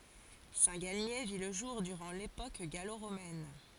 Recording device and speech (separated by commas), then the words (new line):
forehead accelerometer, read sentence
Saint-Galmier vit le jour durant l'époque gallo-romaine.